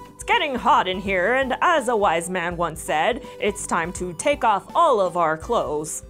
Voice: in announcer voice